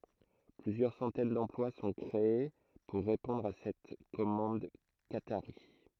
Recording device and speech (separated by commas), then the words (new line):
throat microphone, read sentence
Plusieurs centaines d’emplois sont créées pour répondre à cette commande qatarie.